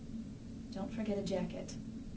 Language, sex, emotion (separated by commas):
English, female, neutral